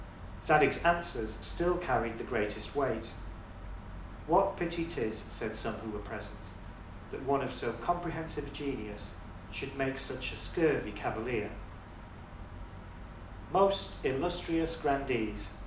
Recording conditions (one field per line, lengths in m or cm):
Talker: one person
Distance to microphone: 2.0 m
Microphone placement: close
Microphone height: 99 cm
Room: medium-sized (5.7 m by 4.0 m)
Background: none